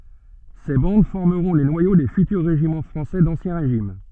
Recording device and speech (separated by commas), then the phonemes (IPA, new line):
soft in-ear microphone, read sentence
se bɑ̃d fɔʁməʁɔ̃ le nwajo de fytyʁ ʁeʒimɑ̃ fʁɑ̃sɛ dɑ̃sjɛ̃ ʁeʒim